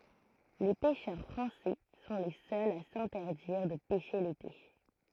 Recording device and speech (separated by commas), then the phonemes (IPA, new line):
throat microphone, read sentence
le pɛʃœʁ fʁɑ̃sɛ sɔ̃ le sœlz a sɛ̃tɛʁdiʁ də pɛʃe lete